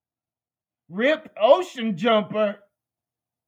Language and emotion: English, disgusted